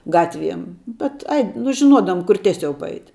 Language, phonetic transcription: Lithuanian, ˈgatˌviem ˈbet ˈai nu žiˈnuodavum kur ˈtieˌsiau paˈait'

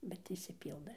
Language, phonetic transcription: Lithuanian, bet išsiˈpyldɘ

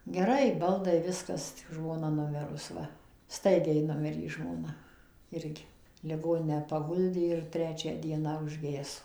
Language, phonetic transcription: Lithuanian, geˈrai ˈbaldai ˈviskas tik žmoˈna nuˈmirus ˈva ˈstaigiai ˈnumirė žmoˈna ˈirgi liˈgoninę paˈguldė ir ˈtrečią ˈdieną užˈgeso

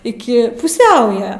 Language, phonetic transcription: Lithuanian, iˈki puˈsiauja

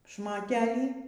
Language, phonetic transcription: Lithuanian, šmoˈtelį

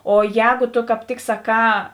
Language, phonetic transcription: Lithuanian, o ˈjēgo to kāp ˈtik saˈkā

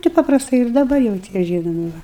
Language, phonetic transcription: Lithuanian, tai paprasˈtai ir daˈbar jau ˈtie ˈžynomi ˈva

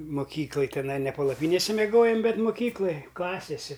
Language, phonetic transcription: Lithuanian, moˈkyklaj tiˈnai ne palaˈpynėse meˈgojom ˈbet moˈkyklaj ˈklasesi

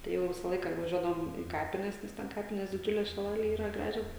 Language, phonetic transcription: Lithuanian, tai ˈjau ˈvisa ˈlaika vaˈžiuodavom į ˈkapines ˈnes ten ˈkapinės diˈdžiulės šiˈlalėj ˈyra ˈgražios

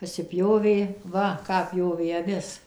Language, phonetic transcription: Lithuanian, pasiˈpjovė ˈva ˈką ˈpjovė aˈvis

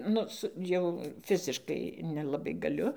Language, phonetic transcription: Lithuanian, ˈnu ˈsu jau ˈfiziškai nelaˈbai gaˈliu

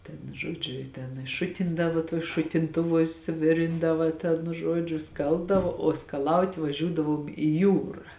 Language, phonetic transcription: Lithuanian, ten žoˈdžiu i ten i ˈšutindavo tuos šutinˈtuvuos' ˈvirindava ten ˈžuodžiu ˈskalbdavo o skaˈlaut' vaˈžiūdavom i ˈjūra

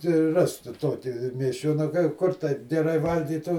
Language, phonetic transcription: Lithuanian, tai ˈrask ˈtu ˈtoki miesˈčiona ˈkur taip geˈrai ˈvalgytų

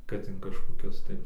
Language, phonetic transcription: Lithuanian, kad in kažkoˈkius tai

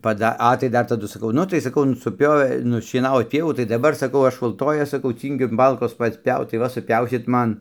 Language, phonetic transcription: Lithuanian, paˈda ˈa tai ˈdar taˈdu saˈkau ˈnu tai saˈkau nu suˈpiovė nušieˈnavot ˈpievų tai daˈbar sakau ˈaš ulˈtojas saˈkau ˈcyngiu ˈmalkos ˈpats ˈpiaut tai ˈva suˈpiausit ˈman

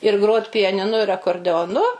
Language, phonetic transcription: Lithuanian, ir ˈgrot' pijaniˈnu ir akordeoˈnu

